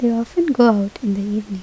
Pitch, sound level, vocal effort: 220 Hz, 75 dB SPL, soft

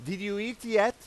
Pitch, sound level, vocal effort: 210 Hz, 100 dB SPL, very loud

